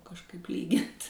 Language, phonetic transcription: Lithuanian, kažˈkaip ˈlygint

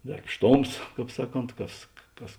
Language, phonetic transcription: Lithuanian, darbˈštoms ˈkāp ˈsaˌkont ˈkas ˈkas

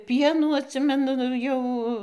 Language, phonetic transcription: Lithuanian, ˈpienų atˈsimenu ˈjau

